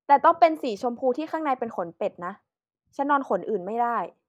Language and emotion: Thai, neutral